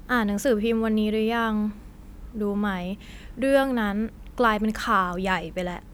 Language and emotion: Thai, frustrated